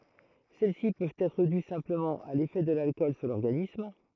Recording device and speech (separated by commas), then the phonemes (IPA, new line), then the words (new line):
throat microphone, read sentence
sɛlɛsi pøvt ɛtʁ dy sɛ̃pləmɑ̃ a lefɛ də lalkɔl syʁ lɔʁɡanism
Celles-ci peuvent être dues simplement à l'effet de l'alcool sur l'organisme.